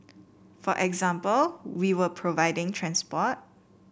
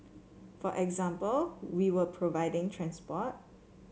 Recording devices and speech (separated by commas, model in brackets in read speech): boundary microphone (BM630), mobile phone (Samsung C7), read sentence